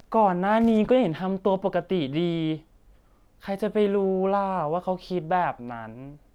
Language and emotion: Thai, sad